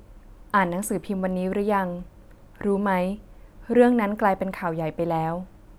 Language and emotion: Thai, neutral